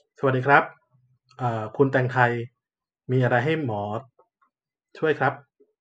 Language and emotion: Thai, neutral